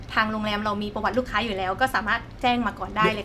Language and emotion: Thai, neutral